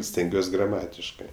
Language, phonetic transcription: Lithuanian, stenˈgiuos' graˈmatiškɜ

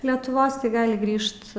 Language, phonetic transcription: Lithuanian, letuˈvos tai ˈgali ˈgrįžt

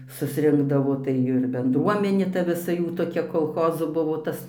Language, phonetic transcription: Lithuanian, susˈrinkdavo tai ˈir benˈdruomenė ˈta viˈsa ˈjų toˈkia kolˈchozo ˈbuvo ˈtas

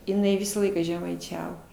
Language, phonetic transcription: Lithuanian, jiˈnai ˈvisą ˈlaiką žemaiˈčiavo

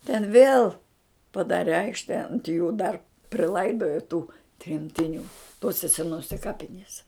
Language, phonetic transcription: Lithuanian, ten vėl paˈdare ˈaikšte ant jų dar priˈlaidojo tų tremtiˈnių ˈtose seˈnose ˈkapiniese

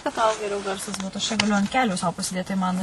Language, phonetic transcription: Lithuanian, kad tau geˈriau ˈgarsas ˈbūtu aš čia gaˈliu ant ˈkelių sau pasiˈdėt tai ˈman

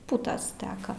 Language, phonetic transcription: Lithuanian, ˈputas ˈteka

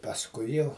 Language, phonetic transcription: Lithuanian, pasˈkui jau

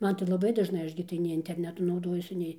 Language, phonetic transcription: Lithuanian, ˈman tai laˈbai dažˈnai ˈaš gi tai nei interˈnetu nauˈdojuosi ˈnei

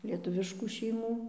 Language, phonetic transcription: Lithuanian, lieˈtuviškų šeiˈmų

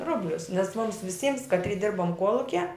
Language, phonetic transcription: Lithuanian, ˈrublius nes mums viˈsyms kaˈtry ˈdirbom ˈkuolukie

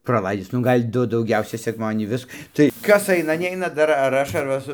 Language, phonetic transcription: Lithuanian, praˈlaidis ˈnu ˈgal' ˈdu dauˈgiausiai sekˈmadienį ˈvis tai ˈkas ˈaina ˈneina ˈdar ar ˈaš ar ˈva su

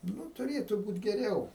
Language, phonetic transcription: Lithuanian, ˈnu tuˈrėtu ˈbūt' geˈriau

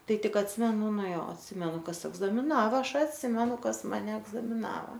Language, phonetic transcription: Lithuanian, ˈtai ˈtik atˈsimenu ˈnu ˈjo atˈsimenu ˈkas egzamiˈnava ˈaš atˈsimenu ˈkas maˈne egzamiˈnava

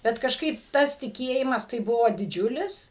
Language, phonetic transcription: Lithuanian, ˈbet kažˈkaip ˈtas tiˈkėjimas tai ˈbuvo diˈdžiulis

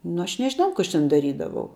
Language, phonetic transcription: Lithuanian, nu ˈaš nežiˈnau ku ˈaš ten daˈrydavau

